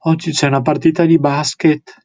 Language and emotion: Italian, fearful